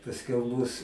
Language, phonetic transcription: Lithuanian, pasˈkiau mus

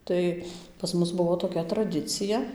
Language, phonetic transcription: Lithuanian, ˈtai pas ˈmus ˈbuvo toˈkia traˈdicija

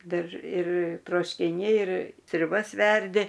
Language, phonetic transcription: Lithuanian, ˈdar ir troškiˈniai ir sriuˈbas ˈverdi

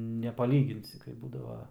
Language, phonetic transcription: Lithuanian, nepaˈlyginsi kai ˈbūdava

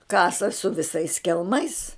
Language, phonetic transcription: Lithuanian, ˈkasa su viˈsais kelˈmais

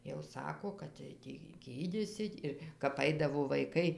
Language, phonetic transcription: Lithuanian, jau ˈsako kad tai ˈtį ˈgydysit' ir kap ˈaidavo vaiˈkai

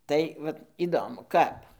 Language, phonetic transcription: Lithuanian, ˈtai vat įˈdomu ˈkap

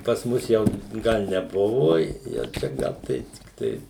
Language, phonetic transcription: Lithuanian, pas ˈmus jau ˈgal neˈbuvu jau ˈčia ˈgal tai tikˈtai

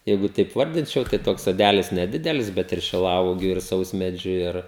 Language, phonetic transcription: Lithuanian, ˈjeigu taip ˈvardinčiau tai ˈtoks soˈdælis neˈdidelis ˈbet ir šiˈlauogių ir ˈsausmedžiu ˈir

